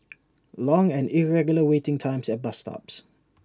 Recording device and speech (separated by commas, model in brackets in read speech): standing microphone (AKG C214), read sentence